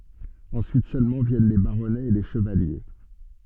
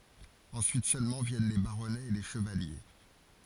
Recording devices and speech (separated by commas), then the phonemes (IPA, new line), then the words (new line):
soft in-ear microphone, forehead accelerometer, read sentence
ɑ̃syit sølmɑ̃ vjɛn le baʁɔnɛz e le ʃəvalje
Ensuite seulement viennent les baronnets et les chevaliers.